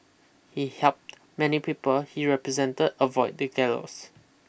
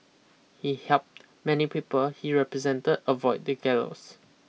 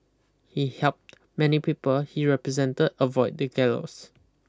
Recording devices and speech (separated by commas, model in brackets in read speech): boundary microphone (BM630), mobile phone (iPhone 6), close-talking microphone (WH20), read sentence